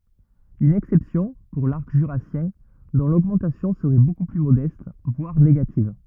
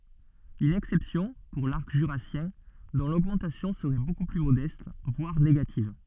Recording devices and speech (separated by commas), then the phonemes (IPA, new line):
rigid in-ear microphone, soft in-ear microphone, read sentence
yn ɛksɛpsjɔ̃ puʁ laʁk ʒyʁasjɛ̃ dɔ̃ loɡmɑ̃tasjɔ̃ səʁɛ boku ply modɛst vwaʁ neɡativ